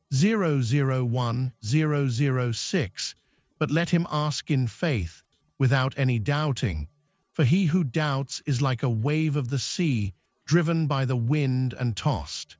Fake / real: fake